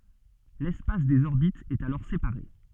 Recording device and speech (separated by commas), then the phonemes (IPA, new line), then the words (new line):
soft in-ear microphone, read sentence
lɛspas dez ɔʁbitz ɛt alɔʁ sepaʁe
L'espace des orbites est alors séparé.